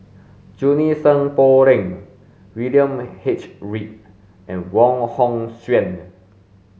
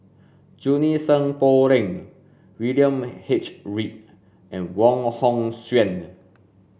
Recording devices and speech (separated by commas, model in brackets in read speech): mobile phone (Samsung S8), boundary microphone (BM630), read sentence